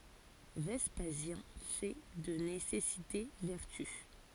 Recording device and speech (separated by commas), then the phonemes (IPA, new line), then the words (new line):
forehead accelerometer, read sentence
vɛspazjɛ̃ fɛ də nesɛsite vɛʁty
Vespasien fait de nécessité vertu.